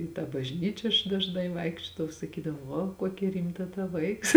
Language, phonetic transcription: Lithuanian, i tą bažˈnyčia aš dažˈnai ˈvaikščiodavau saˈkydavo ˈvo ˈkokia ˈrimta ta ˈvaiks

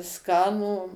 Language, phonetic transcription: Lithuanian, ˈskanų

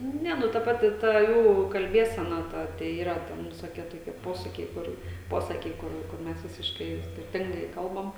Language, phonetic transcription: Lithuanian, ˈne ˈnu ta ˈpati ˈta ˈjų kalˈbiesena ˈta tai ˈyra ˈten visoˈkie toˈkie ˈposakiai ˈkur ˈposakiai ˈkur kur ˈmes visišˈkai jau skirˈtingai ˈkalbam

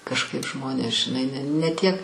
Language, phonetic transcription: Lithuanian, kažˈkaip ˈžmonės žiˈnai n ne tiek

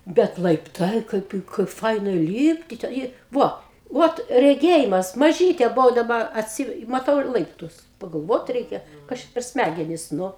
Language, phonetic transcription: Lithuanian, ˈbet laipˈtai ˈkaip kaip ˈfaina ˈlypti te ˈjie ˈvo ˈvot reˈgėjimas maˈžytė buˈvau daˈba atˈsy maˈtau ir ˈlaiptus pagalˈvot ˈreikia ˈkas čia per ˈsmægenis nu

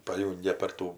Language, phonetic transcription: Lithuanian, paˈjūngia per ˈtų

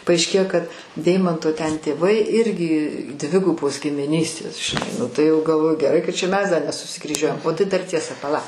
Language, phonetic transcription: Lithuanian, paaišˈkėjo kad ˈdeimanto ten tėˈvai ˈirgi ˈdvigubos gimiˈnystės žiˈnai ˈnu tai ˈjau galˈvoju geˈrai kad čia ˈmes ˈda nesusikryˈžiuojam o ˈtai dar ˈtiesa paˈla

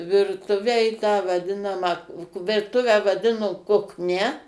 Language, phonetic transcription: Lithuanian, ˈvirtuvę i tą vaˈdinamą virˈtuvę vaˈdino kukˈnia

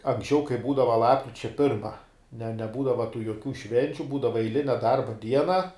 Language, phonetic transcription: Lithuanian, anksˈčiau kai ˈbūdava ˈlapkričia ˈpirma ne neˈbūdava tų joˈkių ˈšvenčiu ˈbūdava eiˈline ˈdarba ˈdiena

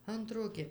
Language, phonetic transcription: Lithuanian, ˈantro gi

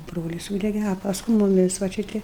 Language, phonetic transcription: Lithuanian, ˈbrolis ˈsūdege a pasˈkui muˈmis va ˈči ˈti

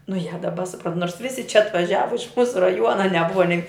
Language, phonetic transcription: Lithuanian, nu ja daˈba suˈprant nors ˈvisi čia atvaˈžiava iš ˈmūsu raˈjuona neˈbuva nei

